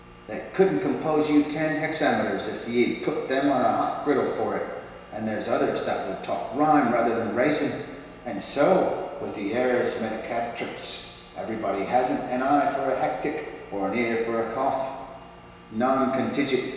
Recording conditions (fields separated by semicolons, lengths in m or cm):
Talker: one person; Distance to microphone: 1.7 m; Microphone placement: close; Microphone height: 1.0 m; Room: very reverberant, large; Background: none